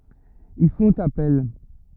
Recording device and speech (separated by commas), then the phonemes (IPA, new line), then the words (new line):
rigid in-ear microphone, read sentence
il fɔ̃t apɛl
Ils font appel.